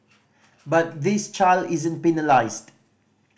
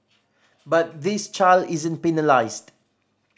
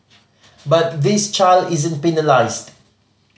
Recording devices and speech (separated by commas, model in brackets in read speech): boundary microphone (BM630), standing microphone (AKG C214), mobile phone (Samsung C5010), read sentence